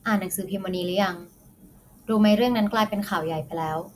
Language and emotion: Thai, neutral